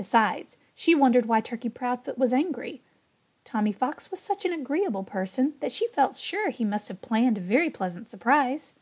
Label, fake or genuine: genuine